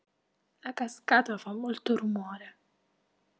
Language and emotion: Italian, sad